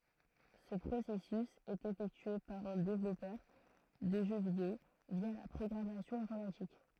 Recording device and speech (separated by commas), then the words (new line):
throat microphone, read sentence
Ce processus est effectué par un développeur de jeux vidéo via la programmation informatique.